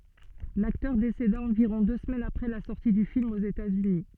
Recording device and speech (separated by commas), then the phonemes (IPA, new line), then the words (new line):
soft in-ear microphone, read sentence
laktœʁ deseda ɑ̃viʁɔ̃ dø səmɛnz apʁɛ la sɔʁti dy film oz etatsyni
L'acteur décéda environ deux semaines après la sortie du film aux États-Unis.